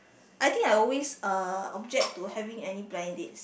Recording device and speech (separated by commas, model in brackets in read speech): boundary microphone, conversation in the same room